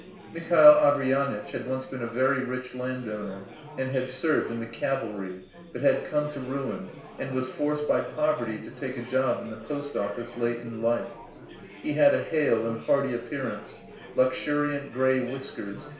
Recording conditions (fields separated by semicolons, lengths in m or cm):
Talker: one person; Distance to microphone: 1.0 m; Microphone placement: close; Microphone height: 1.1 m; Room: small (3.7 m by 2.7 m); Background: babble